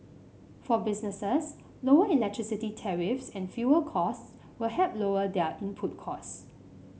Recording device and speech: mobile phone (Samsung C5), read sentence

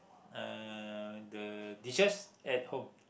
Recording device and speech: boundary microphone, conversation in the same room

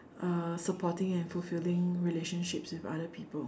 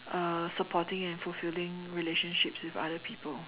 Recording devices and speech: standing microphone, telephone, conversation in separate rooms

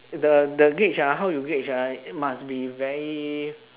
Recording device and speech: telephone, conversation in separate rooms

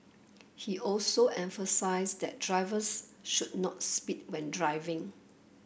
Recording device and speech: boundary microphone (BM630), read sentence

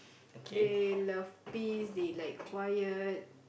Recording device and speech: boundary microphone, conversation in the same room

